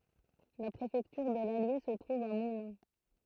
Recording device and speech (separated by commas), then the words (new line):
throat microphone, read sentence
La préfecture de l'Allier se trouve à Moulins.